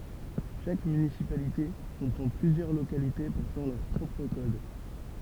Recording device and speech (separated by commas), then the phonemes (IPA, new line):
temple vibration pickup, read sentence
ʃak mynisipalite kɔ̃pʁɑ̃ plyzjœʁ lokalite pɔʁtɑ̃ lœʁ pʁɔpʁ kɔd